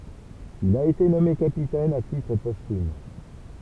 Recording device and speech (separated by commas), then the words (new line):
temple vibration pickup, read sentence
Il a été nommé capitaine à titre posthume.